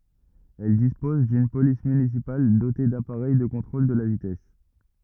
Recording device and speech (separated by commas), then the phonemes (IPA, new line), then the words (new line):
rigid in-ear microphone, read sentence
ɛl dispɔz dyn polis mynisipal dote dapaʁɛj də kɔ̃tʁol də la vitɛs
Elle dispose d'une police municipale dotée d'appareil de contrôle de la vitesse.